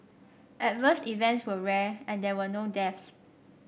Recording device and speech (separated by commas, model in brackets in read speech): boundary microphone (BM630), read sentence